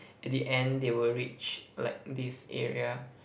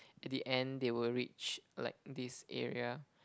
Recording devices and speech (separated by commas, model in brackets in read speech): boundary microphone, close-talking microphone, conversation in the same room